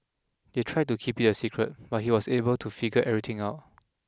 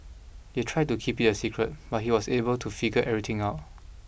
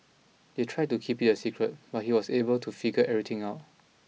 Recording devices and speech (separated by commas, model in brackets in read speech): close-talking microphone (WH20), boundary microphone (BM630), mobile phone (iPhone 6), read sentence